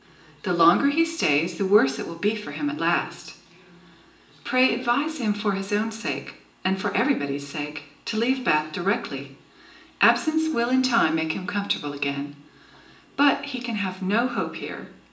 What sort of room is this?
A large space.